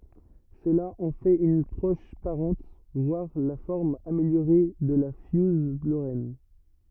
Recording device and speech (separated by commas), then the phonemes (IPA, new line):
rigid in-ear microphone, read sentence
səla ɑ̃ fɛt yn pʁɔʃ paʁɑ̃t vwaʁ la fɔʁm ameljoʁe də la fjuz loʁɛn